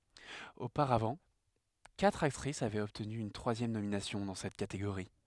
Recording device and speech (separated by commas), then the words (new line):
headset microphone, read sentence
Auparavant, quatre actrice avaient obtenu une troisième nomination dans cette catégorie.